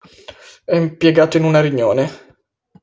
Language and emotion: Italian, disgusted